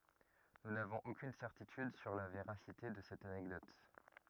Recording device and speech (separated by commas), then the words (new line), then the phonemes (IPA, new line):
rigid in-ear microphone, read sentence
Nous n'avons aucune certitude sur la véracité de cette anecdote.
nu navɔ̃z okyn sɛʁtityd syʁ la veʁasite də sɛt anɛkdɔt